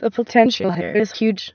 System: TTS, waveform concatenation